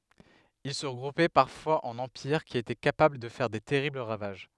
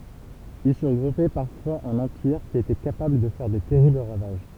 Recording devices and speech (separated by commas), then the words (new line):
headset microphone, temple vibration pickup, read sentence
Ils se regroupaient parfois en empires qui étaient capables de faire des terribles ravages.